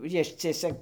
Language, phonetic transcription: Lithuanian, ˈjišciesia

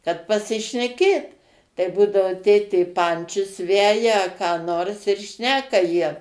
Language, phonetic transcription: Lithuanian, kad pasišneˈkėt tai ˈbūdavo ˈtėtė ˈpančius ˈveja a ką ˈnors ir ˈšneka jie

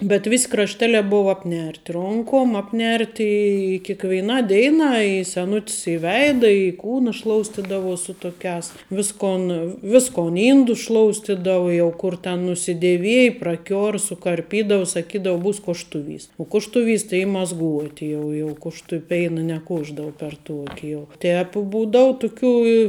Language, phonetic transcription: Lithuanian, bet ˈvis' krašˈteliā ˈbuva apˈnerti ˈronkom apˈnerti i kikveiˈna ˈdeina i seˈnut's i ˈveida i ˈkūna ˈšloustidavu su ˈtukiās ˈviskon ˈviskon ˈyndus ˈšloustidavu jau ˈkur ten nusideˈviej praˈkior sukarˈpydavu saˈkydavu ˈbus koštuˈvys o kuštuˈvys tai y mazˈguoti ˈjau jau kuštu ˈpeina neˈkuošdavu per ˈtuoki jau ˈtēp ˈbūdavu tuˈkių i

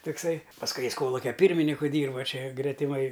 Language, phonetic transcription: Lithuanian, tokˈsai pasˈkui ˈjis ˈkolukia ˈpyrminiku ˈdyrba ˈčia gretiˈmai

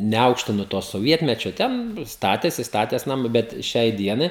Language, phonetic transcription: Lithuanian, neˈaukštinu to soˈvietmečio ˈten ˈstatėsi staˈtės naˈmu ˈbet ˈšiai ˈdienai

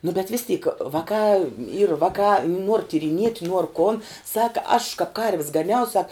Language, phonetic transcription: Lithuanian, nu bet vis tyk ˈvakā yr ˈvakā nuor tyriˈniet' nuor kon ˈsaka aš kap karv's gaˈniau sak

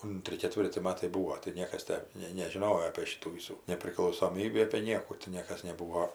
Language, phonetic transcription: Lithuanian, ˈuntri keˈtvirti ˈmatai ˈbuvo tai ˈniekas ˈtę nei nežiˈnojo apie ˈšytų ˈvysų nepriklausoˈmybį apė ˈniekų ti ˈniekas neˈbūvo

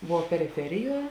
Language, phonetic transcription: Lithuanian, ˈvuo periˈferiˌjuo

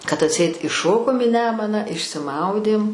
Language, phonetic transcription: Lithuanian, kad atˈseit iˈšokom į ˈnemuną išsiˈmaudėm

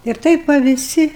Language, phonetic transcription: Lithuanian, ir ˈtaip va viˈsi

